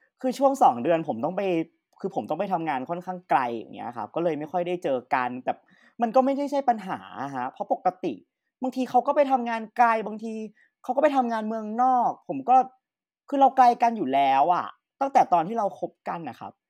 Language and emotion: Thai, frustrated